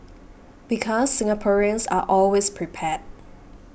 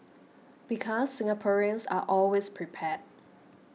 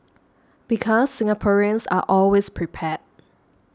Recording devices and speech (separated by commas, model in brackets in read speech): boundary microphone (BM630), mobile phone (iPhone 6), standing microphone (AKG C214), read sentence